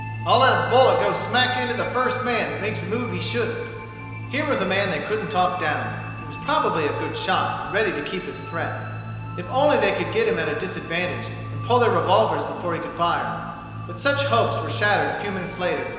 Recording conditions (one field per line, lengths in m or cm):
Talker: one person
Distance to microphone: 1.7 m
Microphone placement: close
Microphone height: 1.0 m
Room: very reverberant, large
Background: music